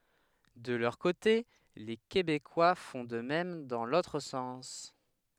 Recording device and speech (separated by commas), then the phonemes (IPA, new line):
headset microphone, read sentence
də lœʁ kote le kebekwa fɔ̃ də mɛm dɑ̃ lotʁ sɑ̃s